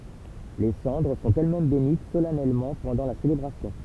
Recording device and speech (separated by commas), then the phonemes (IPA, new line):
temple vibration pickup, read sentence
le sɑ̃dʁ sɔ̃t ɛlɛsmɛm benit solɛnɛlmɑ̃ pɑ̃dɑ̃ la selebʁasjɔ̃